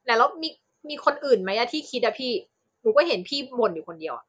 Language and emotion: Thai, frustrated